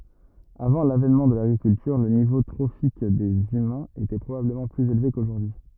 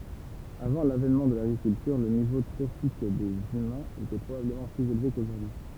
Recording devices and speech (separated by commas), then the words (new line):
rigid in-ear microphone, temple vibration pickup, read sentence
Avant l'avènement de l'agriculture, le niveau trophique des humains était probablement plus élevé qu'aujourd'hui.